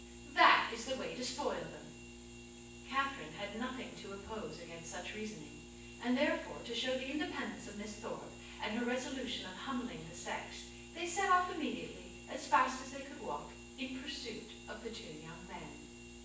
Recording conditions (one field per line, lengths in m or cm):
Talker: one person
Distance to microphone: 9.8 m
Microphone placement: far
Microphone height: 1.8 m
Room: large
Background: none